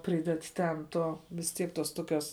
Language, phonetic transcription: Lithuanian, ˈpryded ˈten ˈto vis ˈtiek ˈtos ˈtoˌkios

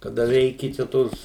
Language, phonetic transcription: Lithuanian, kaˈda ˈveiki čia ˈtos

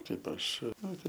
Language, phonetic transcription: Lithuanian, ˈtaip ˈaš ˈnoriu

